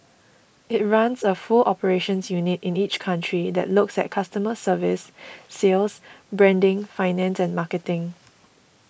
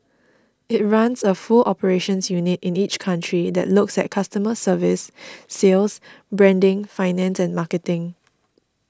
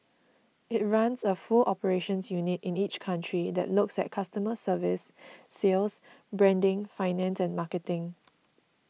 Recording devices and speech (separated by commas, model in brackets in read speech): boundary microphone (BM630), standing microphone (AKG C214), mobile phone (iPhone 6), read sentence